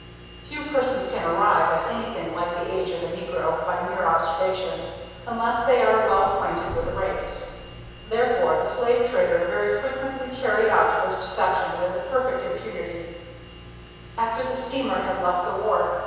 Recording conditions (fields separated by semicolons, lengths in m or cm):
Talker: one person; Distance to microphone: 7.1 m; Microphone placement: far; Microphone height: 1.7 m; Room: very reverberant, large; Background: none